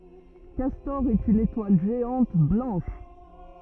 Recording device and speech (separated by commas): rigid in-ear microphone, read sentence